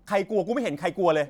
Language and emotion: Thai, angry